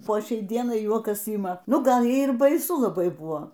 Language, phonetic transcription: Lithuanian, po ˈšiai ˈdienai ˈjuokas ˈyma ˈnu ˈgal ˈjai ir baiˈsu laˈbai ˈbuo

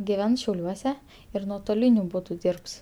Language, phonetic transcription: Lithuanian, giˈvens šiauˈliuose ir nuotoˈliniu ˈbūdu ˈdyirbs

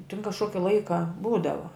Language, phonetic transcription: Lithuanian, tin kažˈkoki ˈlaika ˈbūdava

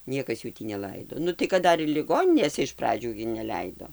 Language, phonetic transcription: Lithuanian, ˈniekas ˈjų tį neˈlaido ˈnu tai kad ˈdar ir liˈgoninėse iš ˈpradžių gi neˈleido

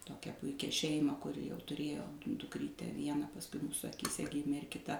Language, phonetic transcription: Lithuanian, ˈtokią ˈpuikia ˈšeimą kuˈri jau tuˈrėjo dukˈrytę ˈvieną pasˈkui ˈmūsu akyˈse ˈgimė ir kiˈta

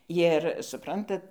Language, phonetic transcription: Lithuanian, jir suˈprantat

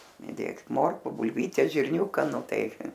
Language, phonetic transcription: Lithuanian, iˈdėk ˈmorku bulˈvytes žirˈniūka ˈnu ˈtai

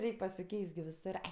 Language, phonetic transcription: Lithuanian, ˈreik' pasiˈkeist gi viˈsur ˈai

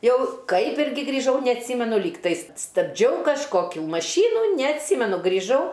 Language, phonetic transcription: Lithuanian, ˈjau ˈkaip ˈirgi grįˈžau neatˈsymenu ˈlygtais stabˈdžiau kažˈkokiu maˈšynu neatˈsymenu grįˈžau

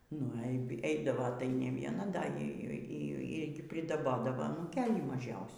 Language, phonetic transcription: Lithuanian, nu ei ˈeidavo tai ne ˈviena ˈda ˈy ˈy gi pridaˈbodavo nu anūˈkėlį maˈžiausių

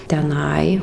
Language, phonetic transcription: Lithuanian, teˈnai

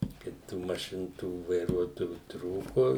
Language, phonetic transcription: Lithuanian, ˈkaip tų maˈšin tų vaiˈruotojų ˈtrūku

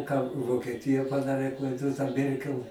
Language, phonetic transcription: Lithuanian, ką vokeˈtija paˈdarė ta ˈmerkel

